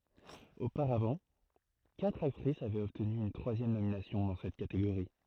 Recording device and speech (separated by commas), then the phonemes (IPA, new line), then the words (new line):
throat microphone, read sentence
opaʁavɑ̃ katʁ aktʁis avɛt ɔbtny yn tʁwazjɛm nominasjɔ̃ dɑ̃ sɛt kateɡoʁi
Auparavant, quatre actrice avaient obtenu une troisième nomination dans cette catégorie.